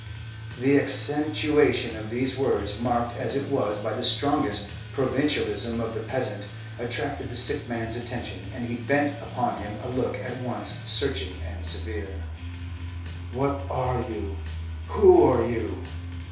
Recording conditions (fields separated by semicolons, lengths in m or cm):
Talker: one person; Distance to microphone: 3.0 m; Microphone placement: far; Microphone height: 1.8 m; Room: small (3.7 m by 2.7 m); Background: music